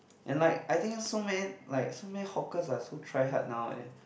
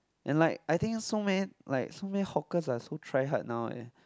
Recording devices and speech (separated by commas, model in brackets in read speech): boundary microphone, close-talking microphone, conversation in the same room